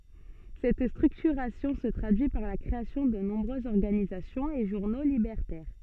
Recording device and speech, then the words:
soft in-ear microphone, read sentence
Cette structuration se traduit par la création de nombreuses organisations et journaux libertaires.

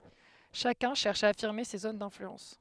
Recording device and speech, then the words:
headset microphone, read sentence
Chacun cherche à affirmer ses zones d’influence.

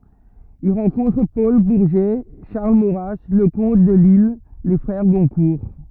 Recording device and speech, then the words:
rigid in-ear microphone, read sentence
Il rencontre Paul Bourget, Charles Maurras, Leconte de Lisle, les frères Goncourt.

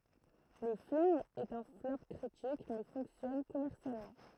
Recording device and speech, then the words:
throat microphone, read sentence
Le film est un flop critique, mais fonctionne commercialement.

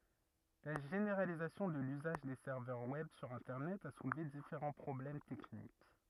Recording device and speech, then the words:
rigid in-ear microphone, read sentence
La généralisation de l'usage des serveurs web sur internet a soulevé différents problèmes techniques.

